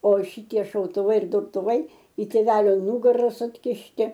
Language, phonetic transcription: Lithuanian, o ˈšitie šautuˈvai ir durtuˈvai i tėˈvelio ˈnugara sukišˈti

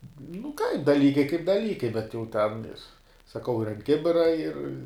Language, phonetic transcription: Lithuanian, nu kaip daˈlykai kaip daˈlykai bet jau ten ir saˈkau ir ant ˈkibira ir

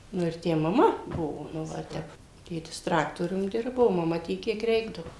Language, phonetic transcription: Lithuanian, ˈnu ir ˈtę maˈma ˈbuvo nu ˈva ir ˈtep ˈtėtis ˈtraktorium ˈdirbo o maˈma ˈtiek ˈkiek ˈreikdavo

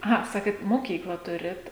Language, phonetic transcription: Lithuanian, aˈha ˈsakėt moˈkykla ˈturit

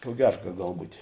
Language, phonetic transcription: Lithuanian, ko ˈgera ka ˈgal ˈbūtė

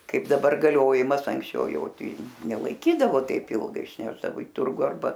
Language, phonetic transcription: Lithuanian, ˈkaip daˈbar gaˈliojimas anksˈčiau ˈjau ˈtei nelaiˈkydavo ˈteip ˈilgai išˈnešdavo i ˈturgu arˈba

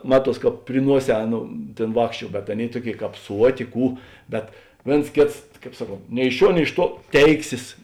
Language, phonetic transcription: Lithuanian, ˈmaˌtuos ˈkāp pri ˈnuoˌsē ˈaˌnou ˈtėn ˈvākšˌčiuo bet ˈaˌnėi ˈtuoˌkėi ˈkāp ˈsuoˌtė ˈkų ˈbet ˈvėns ˈkėts ˈkāp ˈsaˌkont nei iš ˈšiuo nei iš ˈtuo ˈteiksės

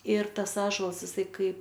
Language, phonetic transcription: Lithuanian, ir ˈtas ˈąžolas iˈsai ˈkaip

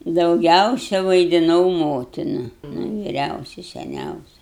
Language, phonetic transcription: Lithuanian, dauˈgiausia vaidiˈnau ˈmotina nu viˈriausi seˈniausi

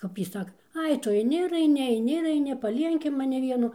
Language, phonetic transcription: Lithuanian, ˈkap jy ˈsaka ˈai ˈtu aiˈni ir aiˈni aiˈni ir aiˈni paˈlienki maˈni ˈvienu

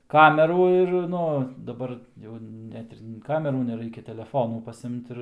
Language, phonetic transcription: Lithuanian, ˈkamerų ir ˈnu daˈbar ˈjau ˈnet ir ˈkamerų neˈraikia teleˈfonų paˈsimt ˈir

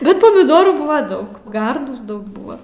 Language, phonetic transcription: Lithuanian, ˈbet pamiˈdorų ˈbuva ˈdaug ˈgardūs ˈdaug ˈbua

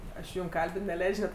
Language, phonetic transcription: Lithuanian, ˈaš jum ˈkalbin neˈleidž' net

